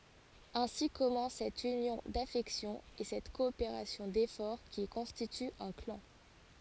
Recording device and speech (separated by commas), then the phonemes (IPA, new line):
forehead accelerometer, read sentence
ɛ̃si kɔmɑ̃s sɛt ynjɔ̃ dafɛksjɔ̃z e sɛt kɔopeʁasjɔ̃ defɔʁ ki kɔ̃stity œ̃ klɑ̃